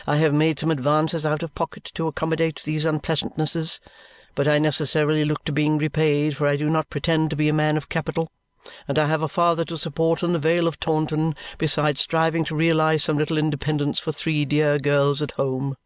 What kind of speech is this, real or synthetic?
real